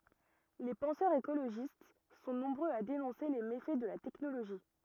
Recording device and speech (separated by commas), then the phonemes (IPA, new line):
rigid in-ear microphone, read sentence
le pɑ̃sœʁz ekoloʒist sɔ̃ nɔ̃bʁøz a denɔ̃se le mefɛ də la tɛknoloʒi